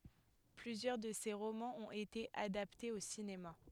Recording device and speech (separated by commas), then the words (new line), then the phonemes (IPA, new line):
headset microphone, read sentence
Plusieurs de ses romans ont été adaptés au cinéma.
plyzjœʁ də se ʁomɑ̃z ɔ̃t ete adaptez o sinema